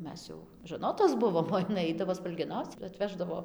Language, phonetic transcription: Lithuanian, ˈmes jau žaˈnotos ˈbuvom o jiˈnai ˈaidavo spalgeˈnauc ir atˈveždavo

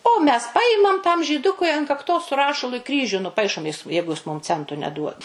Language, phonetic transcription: Lithuanian, o mes ˈpajimam tam žyˈdukui an kakˈtos su ˈrašalu i ˈkryžiu nuˈpaišom ˈjis ˈjeigu ˈjis ˈmum ˈcentu neˈduod

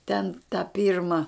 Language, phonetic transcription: Lithuanian, ten ta ˈpyrma

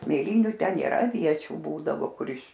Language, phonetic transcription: Lithuanian, mėˈlyniu ˈten nėˈra aˈviečių ˈbūdavo ˈkur iš

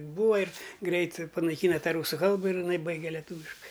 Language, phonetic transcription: Lithuanian, ˈbūva ir ˈgreit panaiˈkyna ˈtą ˈrūsu ˈkalba ir iˈnai ˈbaige leˈtūviškai

